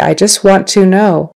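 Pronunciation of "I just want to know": This is the very proper way to say it: 'want to' is said in full, not blended into 'wanna', and the T at the end of 'want' is not dropped.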